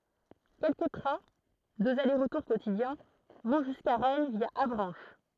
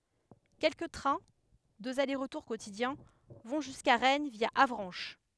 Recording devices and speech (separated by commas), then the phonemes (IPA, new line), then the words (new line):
throat microphone, headset microphone, read sentence
kɛlkə tʁɛ̃ døz ale ʁətuʁ kotidjɛ̃ vɔ̃ ʒyska ʁɛn vja avʁɑ̃ʃ
Quelques trains — deux allers-retours quotidiens — vont jusqu'à Rennes via Avranches.